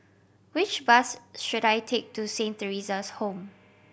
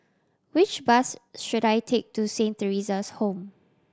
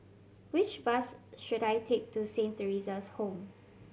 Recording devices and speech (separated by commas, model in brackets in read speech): boundary microphone (BM630), standing microphone (AKG C214), mobile phone (Samsung C7100), read sentence